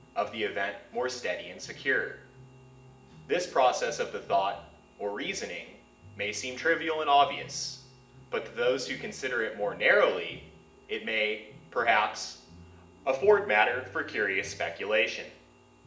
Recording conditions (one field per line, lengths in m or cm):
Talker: one person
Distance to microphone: 1.8 m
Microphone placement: close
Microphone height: 1.0 m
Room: large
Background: music